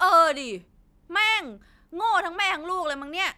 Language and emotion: Thai, angry